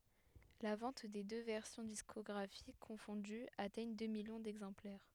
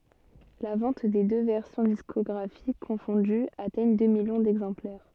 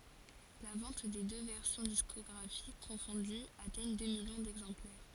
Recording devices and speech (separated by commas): headset microphone, soft in-ear microphone, forehead accelerometer, read sentence